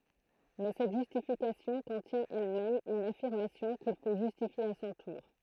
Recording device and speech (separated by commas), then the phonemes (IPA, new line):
throat microphone, read sentence
mɛ sɛt ʒystifikasjɔ̃ kɔ̃tjɛ̃ ɛlmɛm yn afiʁmasjɔ̃ kil fo ʒystifje a sɔ̃ tuʁ